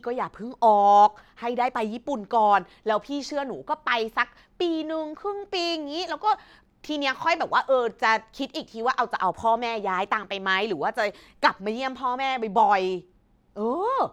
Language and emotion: Thai, happy